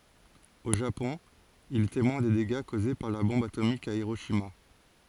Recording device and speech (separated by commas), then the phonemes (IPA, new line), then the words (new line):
forehead accelerometer, read sentence
o ʒapɔ̃ il ɛ temwɛ̃ de deɡa koze paʁ la bɔ̃b atomik a iʁoʃima
Au Japon, il est témoin des dégâts causés par la bombe atomique à Hiroshima.